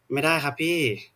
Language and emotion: Thai, frustrated